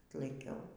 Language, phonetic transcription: Lithuanian, tlaiˈkiau

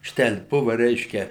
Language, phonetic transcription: Lithuanian, ˈštel' ˈbuva ˈreiškia

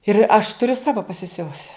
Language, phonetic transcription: Lithuanian, ir aš tuˈriu ˈsavo pasiˈsiuvusi

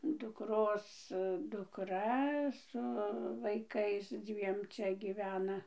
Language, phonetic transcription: Lithuanian, dukˈros dukˈra su vaiˈkais ˈdzviem ˈčia gyˈvena

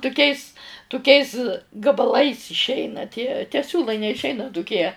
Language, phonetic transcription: Lithuanian, tuˈkiais tuˈkiais gabaˈlais išˈeina tie te ˈsiūlai neišˈeina tuˈkie

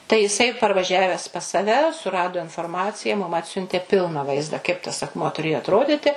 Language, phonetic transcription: Lithuanian, tai jiˈsai parvaˈžiavęs pas saˈve suˈrado inforˈmacija mum ˈatsiuntė ˈpilna ˈvaizda kaip tas akˈmuo tuˈrėjo atˈroditi

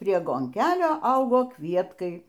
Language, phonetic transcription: Lithuanian, prie gonˈkelio ˈaugo ˈkvietkai

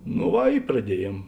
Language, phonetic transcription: Lithuanian, no ˈva i praˈdieˌjiem

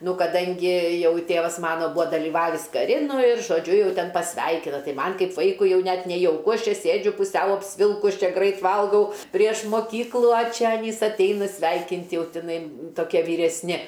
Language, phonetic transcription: Lithuanian, ˈnu kaˈdangi ˈjau ˈtėvas ˈmano ˈbuvo dalyˈvavis kaˈri ˈnu ir žoˈdžiu ˈjau ˈten pasˈveikina ˈtai ˈman' ˈkaip ˈvaikui ˈjau ˈnet nejauˈku ˈaš ˈčia ˈsėdžiu puˈsiau apsˈvilkus ˈčia ˈgrait ˈvalgau ˈprieš moˈkyklu a ˈčia aˈnys atˈeina ˈsveikint' ˈjau tiˈnai toˈkie vyresˈni

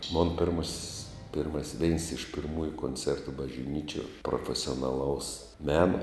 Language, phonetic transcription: Lithuanian, mon pirˈmos's' pirˈmas's' veins iš pirˈmųju konˈcertu bažˈnyčiuo profesionaˈlaus ˈmeno

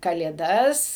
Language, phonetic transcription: Lithuanian, kalėˈdas

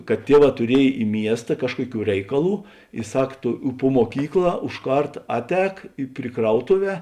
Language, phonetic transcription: Lithuanian, kad ˈtieˌvā tuˈriej i ˈmiesta ˈkažkuoˌkių ˈreikaˌlų i ˈsak ˈto u pu muoˈkykˌlā už ˈkart ˈatˌēk pri ˈkrautuˌvē

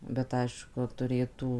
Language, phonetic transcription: Lithuanian, bet ˈaišku tuˈrėtų

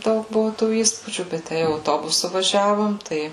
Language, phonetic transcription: Lithuanian, ˈdaug ˈbuvu tų ˈįspūdžių bet ˈtæ jau auˈtobusu vaˈžiavom ˈtai

